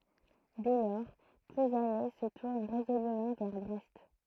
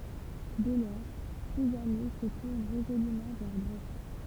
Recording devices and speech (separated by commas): throat microphone, temple vibration pickup, read sentence